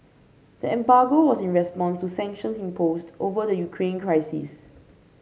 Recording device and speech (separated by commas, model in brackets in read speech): mobile phone (Samsung C5), read sentence